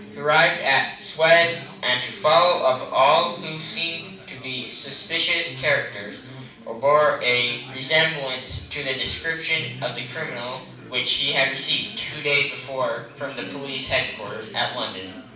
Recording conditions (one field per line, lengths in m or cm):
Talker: one person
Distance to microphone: 5.8 m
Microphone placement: far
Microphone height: 1.8 m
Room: medium-sized (5.7 m by 4.0 m)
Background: babble